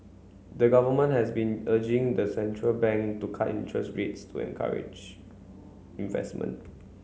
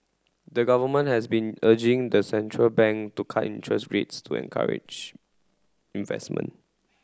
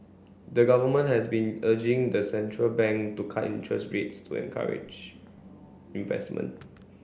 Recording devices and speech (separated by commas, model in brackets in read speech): mobile phone (Samsung C9), close-talking microphone (WH30), boundary microphone (BM630), read sentence